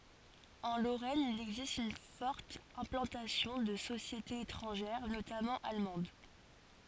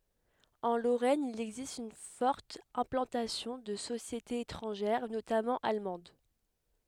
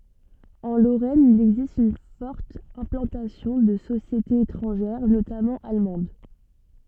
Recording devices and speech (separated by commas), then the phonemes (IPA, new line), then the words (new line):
forehead accelerometer, headset microphone, soft in-ear microphone, read sentence
ɑ̃ loʁɛn il ɛɡzist yn fɔʁt ɛ̃plɑ̃tasjɔ̃ də sosjetez etʁɑ̃ʒɛʁ notamɑ̃ almɑ̃d
En Lorraine il existe une forte implantation de sociétés étrangères, notamment allemandes.